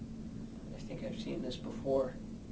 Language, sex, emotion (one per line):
English
male
fearful